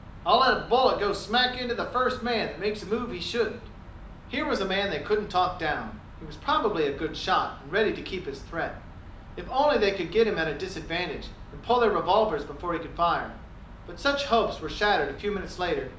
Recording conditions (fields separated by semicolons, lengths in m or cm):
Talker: one person; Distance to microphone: 2.0 m; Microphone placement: close; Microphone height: 99 cm; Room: medium-sized (5.7 m by 4.0 m); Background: none